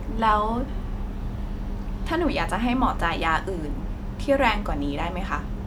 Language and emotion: Thai, frustrated